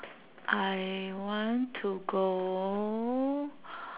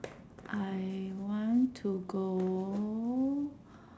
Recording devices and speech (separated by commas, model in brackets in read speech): telephone, standing microphone, conversation in separate rooms